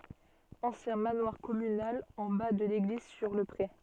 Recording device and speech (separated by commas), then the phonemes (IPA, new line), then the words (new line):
soft in-ear microphone, read sentence
ɑ̃sjɛ̃ manwaʁ kɔmynal ɑ̃ ba də leɡliz syʁ lə pʁe
Ancien manoir communal en bas de l’église sur le pré.